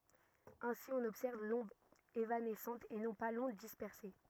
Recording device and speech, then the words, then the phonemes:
rigid in-ear microphone, read sentence
Ainsi, on observe l'onde évanescente et non pas l'onde dispersée.
ɛ̃si ɔ̃n ɔbsɛʁv lɔ̃d evanɛsɑ̃t e nɔ̃ pa lɔ̃d dispɛʁse

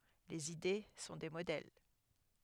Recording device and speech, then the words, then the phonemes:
headset microphone, read sentence
Les idées sont des modèles.
lez ide sɔ̃ de modɛl

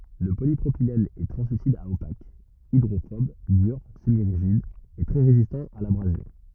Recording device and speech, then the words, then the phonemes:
rigid in-ear microphone, read sentence
Le polypropylène est translucide à opaque, hydrophobe, dur, semi-rigide et très résistant à l'abrasion.
lə polipʁopilɛn ɛ tʁɑ̃slysid a opak idʁofɔb dyʁ səmiʁiʒid e tʁɛ ʁezistɑ̃ a labʁazjɔ̃

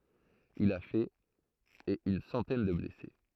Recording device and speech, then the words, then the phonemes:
throat microphone, read sentence
Il a fait et une centaine de blessés.
il a fɛt e yn sɑ̃tɛn də blɛse

